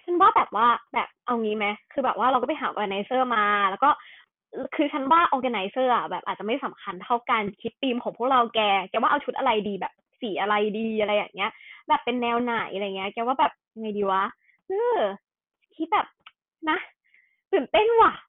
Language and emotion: Thai, happy